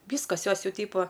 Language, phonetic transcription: Lithuanian, ˈvyskas ˈjos ˈjau ˈtypo

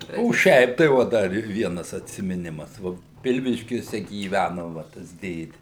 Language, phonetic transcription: Lithuanian, o ˈšiaip tai ˈvo ˈdar i ˈvienas atsimiˈnimas ˈvo ˈpilviškiuose gyˈvæno va ˈtas ˈdėdi

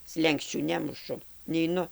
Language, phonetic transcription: Lithuanian, ˈslenksčių ˈnemušu neiˈnu

